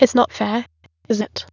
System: TTS, waveform concatenation